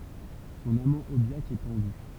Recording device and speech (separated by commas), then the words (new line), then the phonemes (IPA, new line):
temple vibration pickup, read sentence
Son amant Aubiac est pendu.
sɔ̃n amɑ̃ objak ɛ pɑ̃dy